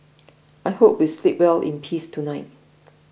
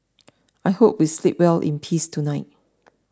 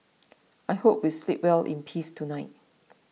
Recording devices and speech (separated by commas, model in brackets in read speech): boundary microphone (BM630), standing microphone (AKG C214), mobile phone (iPhone 6), read sentence